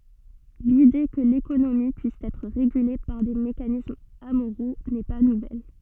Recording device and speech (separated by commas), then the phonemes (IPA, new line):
soft in-ear microphone, read sentence
lide kə lekonomi pyis ɛtʁ ʁeɡyle paʁ de mekanismz amoʁo nɛ pa nuvɛl